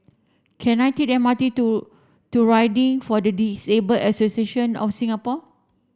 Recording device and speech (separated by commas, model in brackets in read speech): standing microphone (AKG C214), read sentence